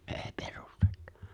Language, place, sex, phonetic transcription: Finnish, Lapinlahti, male, '’ᴇ̭ᴇ̭ 'pᴇʀᴜstᴇttᴀ !
- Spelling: ei perustetta

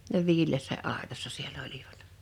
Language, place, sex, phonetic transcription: Finnish, Liperi, female, ne 'viil̆leessä 'àetassa 'siel'l ‿oliᴠᴀt .
- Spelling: ne viileässä aitassa siellä olivat

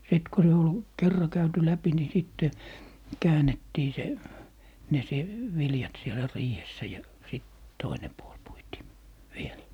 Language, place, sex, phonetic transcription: Finnish, Lappee, male, 'sit ku 'se ol , "kerra käyty 'läpi ni 'sitte , 'käänettii se , ne se , "viljat sielä 'riihessä ja , sit , "toine 'puol 'puitii , "viel .
- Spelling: sitten kun se oli kerran käyty läpi niin sitten käännettiin se ne se viljat siellä riihessä ja sitten toinen puoli puitiin vielä

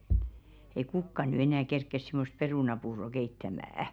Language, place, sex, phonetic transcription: Finnish, Velkua, female, ei "kukka ny enä̀ 'kerkkes sɪmost "perùnapuuro 'keittämä₍ä .
- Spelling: ei kukaan nyt enää kerkeä semmoista perunapuuroa keittämään

